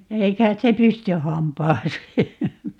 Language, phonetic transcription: Finnish, 'ei kait se "pysty 'hampaasee .
- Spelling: ei kai se pysty hampaaseen

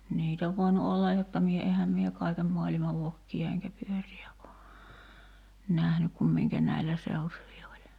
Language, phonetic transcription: Finnish, 'niit ‿ov voinu "ollaj jotta 'mie 'ehäm mie , "kaikem moalima 'vokki₍a eŋkä 'pyöri₍ä o , 'nähnyk kum miŋkä "näillä 'seutuvi oĺ .
- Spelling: niitä on voinut olla jotta minä enhän minä kaiken maailman vokkeja enkä pyöriä ole nähnyt kuin minkä näillä seutuvin oli

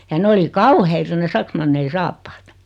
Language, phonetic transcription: Finnish, ja 'ne oli "kauheita ne 'saksmannei 'saappaat .
- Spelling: ja ne oli kauheita ne saksmannien saappaat

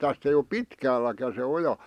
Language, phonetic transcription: Finnish, 'täst ‿ei o "pitkäälläkä se 'oja .
- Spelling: tästä ei ole pitkälläkään se oja

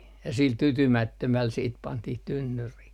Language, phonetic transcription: Finnish, ja sil "tytymättömäl siit 'pantih 'tynnyrih .
- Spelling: ja sillä tyytymättömällä sitten pantiin tynnyriin

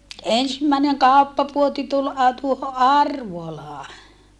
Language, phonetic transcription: Finnish, ensimmä̀eneŋ kàuppapuoti tul a- , tuoho ʼArvolaa .
- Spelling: ensimmäinen kauppapuoti tuli - tuohon Arvolaan

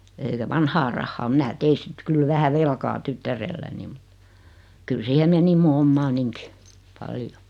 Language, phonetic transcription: Finnish, (elikä) 'vanhaa rahnaa 'minä tei sit 'kyl 'vähä "velkaa 'tyttärelläni (mut) , kyl 'siihe meni mu "ommaaniŋki , "paljo .
- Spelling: eli vanhaa rahaa minä tein sitten kyllä vähän velkaa tyttärelläni mutta kyllä siihen meni minun omaanikin paljon

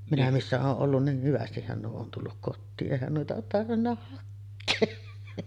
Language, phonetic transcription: Finnish, minä 'missä ooˀ 'ˀollun nih "hyvästihhän nuo on 'tulluk kottii’ '’èihän nuita oot 'tarvinna hakkee .
- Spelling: minä missä olen ollut niin hyvästihän nuo on tullut kotiin eihän noita olet tarvinnut hakea

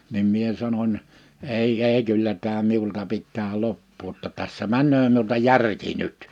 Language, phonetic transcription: Finnish, nim 'mie 'sanoń , » 'ei 'ei 'kyllä tää 'miulta 'pittää 'loppuu ‿ᵒtta tässä 'män̆nöö miulta "järki 'nyt « .
- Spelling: niin minä sanoin ei ei kyllä tämä minulta pitää loppua jotta tässä menee minulta järki nyt

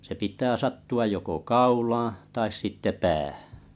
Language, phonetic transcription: Finnish, se 'pit̀ää 'sattu₍aj joko "kaulaaa̰ , tais sitte "päähᴀ̈ .
- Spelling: se pitää sattua joko kaulaan tai sitten päähän

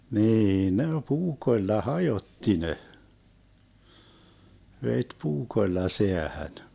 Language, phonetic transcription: Finnish, 'nii ne "puukoⁱlla "hajotti 'ne , 'vet "puukoⁱlla 'seähän .
- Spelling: niin ne puukoilla hajotti ne veti puukoilla säähän

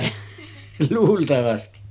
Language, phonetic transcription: Finnish, 'luultavasti .
- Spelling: luultavasti

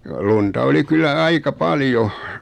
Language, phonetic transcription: Finnish, lunta oli 'kyllä "aika "paljo .
- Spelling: lunta oli kyllä aika paljon

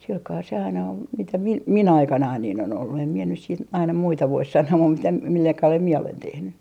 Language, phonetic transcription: Finnish, silkaa se aina ol mitä 'mi - "mi'n ‿aikanain niin ‿on ‿ollu em mie nys siit 'aina 'muita vois 'sanoo mum mitä , milla kalel mie olen tehny .
- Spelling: sillä kalella se aina oli mitä - minun aikanani niin on ollut en minä nyt sitten aina muita voi sanoa mutta mitä millä kalella minä olen tehnyt

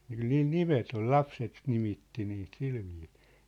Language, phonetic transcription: Finnish, ky̆l niil "nimet ‿ol "lapset 'nimitti niit 'silviisɪɪ .
- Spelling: kyllä niillä nimet oli lapset nimitti niitä sillä viisiin

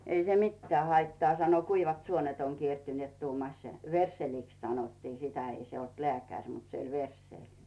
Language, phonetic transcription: Finnish, » 'ei se "mittᵉää haittaa « sano , » 'kuivat 'suonet oŋ 'kiertyneet « tuumaś , "versseliks sanottii 'sitä , 'ei se olt "lᵉä̀käŕ , mut se oĺ verssèĺ .
- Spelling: ei se mitään haittaa sanoi kuivat suonet on kiertyneet tuumasi versseliksi sanottiin sitä ei se ollut lääkäri mutta se oli versseli

